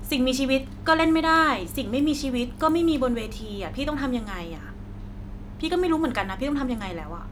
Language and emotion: Thai, frustrated